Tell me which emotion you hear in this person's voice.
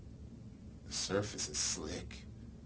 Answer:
neutral